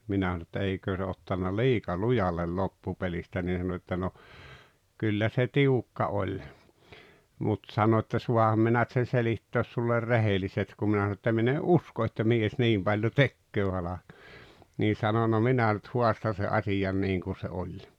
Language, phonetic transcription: Finnish, minä sᵃⁿᵒ että » 'eikö se ottanna "liika "lujallel 'loppupelistä « nii sano että » no , 'kyllä se "tiukka 'oĺ « , mut 'sano että » 'suaham minä [n]yt sen 'selittöös suller "rehelisest « kum 'minä sano ‿että 'min ‿e’ "’usko että "mies "niim Baĺjo "tekköö 'halak[oja] , nii 'sano » no "minä nyt "huastan̬ se’ "’asiʲan 'niiŋ kun̬ se "oĺ .
- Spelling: minä sanoin että eikö se ottanut liika lujalle loppupelistä niin sanoi että no kyllä se tiukka oli mutta sanoi että saanhan minä nyt sen selittää sinulle rehellisesti kun minä sanoin että minä en usko että mies niin paljon tekee halkoja niin sanoi no minä nyt haastan sen asian niin kuin se oli

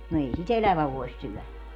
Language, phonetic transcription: Finnish, no 'ei si"t ‿elävä voi̮s 'syɔ̈̀lä .
- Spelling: no ei sitä elävä voi syödä

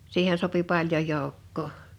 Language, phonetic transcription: Finnish, 'siihen sopi 'paljon̬ 'jòukkoo .
- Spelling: siihen sopi paljon joukkoa

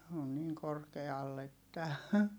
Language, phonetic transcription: Finnish, on niiŋ korkeall ‿että .
- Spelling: on niin korkealla että

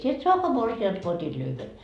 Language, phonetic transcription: Finnish, » sie et 'soakoa 'morsi₍nD ko 'ot́it 'lyhven .
- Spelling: sinä et saakaan morsianta kun otit lyhyen

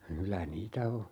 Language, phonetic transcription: Finnish, 'kylä 'niitä "o .
- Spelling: kyllä niitä on

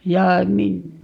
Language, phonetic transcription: Finnish, 'ja mi - ,.
- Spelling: ja -

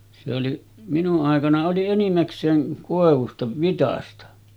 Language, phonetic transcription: Finnish, se oli , minu’ ’àekana oli 'enimäks̀eeŋ 'kòevusta , 'vitasta .
- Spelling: se oli minun aikana oli enimmäkseen koivusta vitsasta

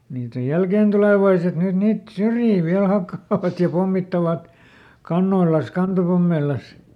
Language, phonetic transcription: Finnish, niit ‿oj "jälkèntulèvaiset ˈnyt ˈniit , "syrjii ˈviäl ˈhakkaavat ja ˈpommittavat , ˈkannoilan̬s , ˈkantopommeil̆las .
- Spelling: niitä on jälkeentulevaiset nyt niitä syrjiä vielä hakkaavat ja pommittavat kannoillansa kantopommeillansa

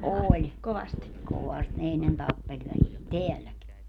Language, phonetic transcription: Finnish, 'ooĺ , 'kovast ne 'ennen 'tappeĺ väliin "teälläki .
- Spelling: oli kovasti ne ennen tappeli väliin täälläkin

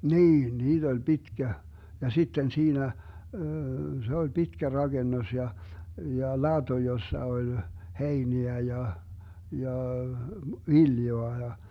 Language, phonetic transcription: Finnish, 'niin , 'niiD ‿oĺ "Bitkä , ja 'sitten 'siinä , se ol 'Bitkä "raGennos ja , ja "laDo jossa 'oĺ , "heiniä ja , ja , "viljoa ja ,.
- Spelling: niin niitä oli pitkä ja sitten siinä se oli pitkä rakennus ja ja lato jossa oli heiniä ja ja viljaa ja

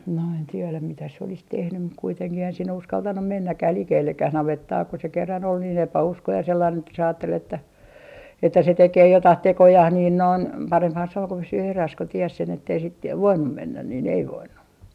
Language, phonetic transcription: Finnish, no en 'tieläm mitä se olis "tehnym mut 'kuiteŋkih eihän sinne 'uskaltanum "mennäkkäh "likeellekkäh 'navettaa ku se kerran ‿ol niin 'epä₍uskoi ja sellain että se 'aattel ‿että , että se "tekee 'jotah 'tekojah niin noin , 'paremphan se ‿oŋ ku pysyy 'eräs ku 'ties sen ettei sit ja "voinnum 'mennä niin ‿ei "voinnu .
- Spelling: no en tiedä mitä se olisi tehnyt mutta kuitenkin eihän sinne uskaltanut mennäkään likellekään navettaa kun se kerran oli niin epäuskoinen ja sellainen että se ajatteli että että se tekee jotakin tekojaan niin noin parempihan se on kun pysyy erässä kun tiesi sen että ei sitten ja voinut mennä niin ei voinut

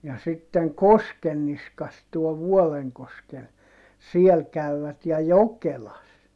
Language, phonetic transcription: Finnish, ja sitteŋ Koskenniskas tuɔ Vuɔleŋkoskel , siel käyvät ja Jokelas .
- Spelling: ja sitten Koskenniskassa tuo Vuolenkoski siellä kävivät ja Jokelassa

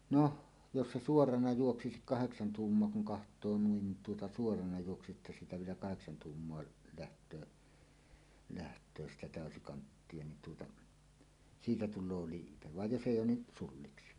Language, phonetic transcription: Finnish, no , jos se "suorana 'juoksikik "kaheksan 'tuummoa kuŋ 'kaht̀oo nuin , tuota suorana juoksisi’ ’että siitä vielä "kaheksan 'tuummoa läht̀öö , läht̀öö 'sitä "tä̀ösikanttie nin tuota , "siitä 'tul̆loo 'liipe vaj 'jos "?èij̆j ‿oon ni "sulliksi .
- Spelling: no jos se suorana juoksisikin kahdeksan tuumaa kun katsoo noin tuota suorana juoksisi että siitä vielä kahdeksan tuumaa lähtee lähtee sitä täysikanttia niin tuota siitä tulee liipe vaan jos ei ole niin sulliksi

